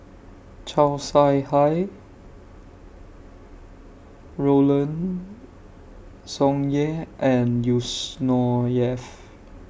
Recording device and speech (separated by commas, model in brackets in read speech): boundary microphone (BM630), read sentence